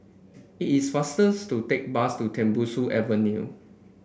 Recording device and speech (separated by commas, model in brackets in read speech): boundary microphone (BM630), read sentence